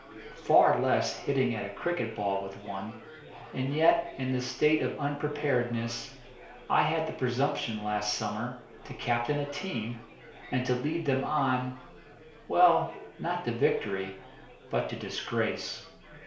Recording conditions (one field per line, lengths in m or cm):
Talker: one person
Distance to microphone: 1.0 m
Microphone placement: close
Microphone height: 1.1 m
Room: small (3.7 m by 2.7 m)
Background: babble